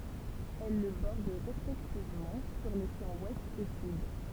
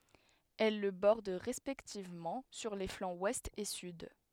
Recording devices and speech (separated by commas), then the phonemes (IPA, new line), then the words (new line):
temple vibration pickup, headset microphone, read sentence
ɛl lə bɔʁd ʁɛspɛktivmɑ̃ syʁ le flɑ̃z wɛst e syd
Elles le bordent respectivement sur les flancs Ouest et Sud.